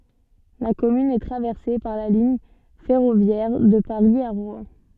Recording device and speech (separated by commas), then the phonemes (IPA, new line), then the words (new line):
soft in-ear microphone, read sentence
la kɔmyn ɛ tʁavɛʁse paʁ la liɲ fɛʁovjɛʁ də paʁi a ʁwɛ̃
La commune est traversée par la ligne ferroviaire de Paris à Rouen.